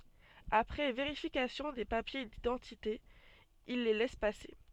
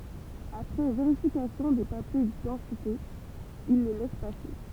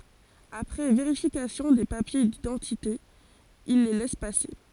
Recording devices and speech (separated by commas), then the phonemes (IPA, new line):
soft in-ear microphone, temple vibration pickup, forehead accelerometer, read sentence
apʁɛ veʁifikasjɔ̃ de papje didɑ̃tite il le lɛs pase